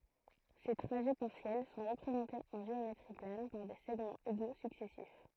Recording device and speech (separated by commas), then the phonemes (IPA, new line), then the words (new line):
throat microphone, read sentence
se tʁaʒɛ paʁsjɛl sɔ̃ ʁəpʁezɑ̃tez ɑ̃ ʒeometʁi plan paʁ de sɛɡmɑ̃z eɡo syksɛsif
Ces trajets partiels sont représentés en géométrie plane par des segments égaux successifs.